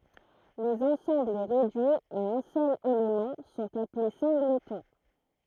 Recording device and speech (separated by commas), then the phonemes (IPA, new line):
throat microphone, read sentence
lez ɑ̃sɑ̃bl ʁedyiz a œ̃ sœl elemɑ̃ sɔ̃t aple sɛ̃ɡlətɔ̃